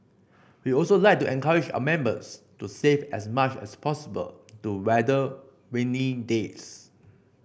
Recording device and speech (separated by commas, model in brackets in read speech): boundary microphone (BM630), read sentence